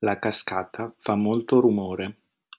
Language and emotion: Italian, neutral